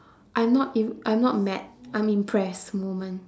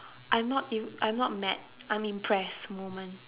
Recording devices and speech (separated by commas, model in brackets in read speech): standing microphone, telephone, conversation in separate rooms